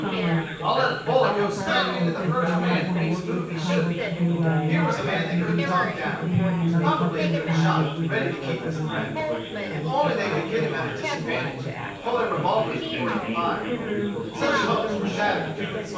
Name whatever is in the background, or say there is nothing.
Crowd babble.